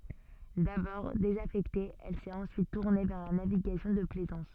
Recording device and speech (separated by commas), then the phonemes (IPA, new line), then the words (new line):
soft in-ear microphone, read sentence
dabɔʁ dezafɛkte ɛl sɛt ɑ̃syit tuʁne vɛʁ la naviɡasjɔ̃ də plɛzɑ̃s
D'abord désaffectée, elle s'est ensuite tournée vers la navigation de plaisance.